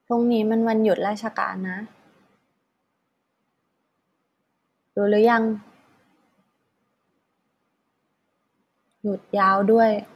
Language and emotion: Thai, frustrated